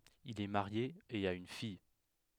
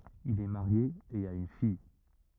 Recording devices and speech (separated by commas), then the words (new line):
headset microphone, rigid in-ear microphone, read sentence
Il est marié et a une fille.